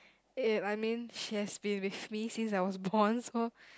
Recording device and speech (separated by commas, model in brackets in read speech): close-talking microphone, conversation in the same room